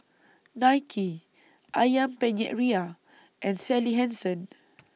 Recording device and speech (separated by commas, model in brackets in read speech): mobile phone (iPhone 6), read sentence